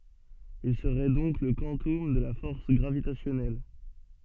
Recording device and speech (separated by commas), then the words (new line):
soft in-ear microphone, read sentence
Il serait donc le quantum de la force gravitationnelle.